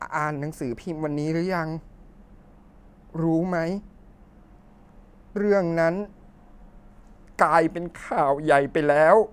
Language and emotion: Thai, sad